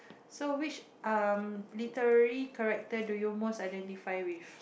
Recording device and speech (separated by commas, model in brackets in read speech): boundary microphone, conversation in the same room